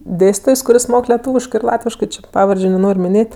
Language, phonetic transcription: Lithuanian, ˈdėstytojs kuˈris ˈmok leˈtūviškɜ ir ˈlatviškɜ ˈči ˈpavardžiu neˈnor' miˈnėt'

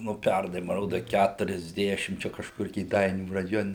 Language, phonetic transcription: Lithuanian, nu ˈpernai ma ˈroda ˌkæturiasˈdešim ˈčia kažˈkur kėˈdainių raˈjone

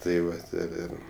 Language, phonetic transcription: Lithuanian, tai ˈvat ir ˈir

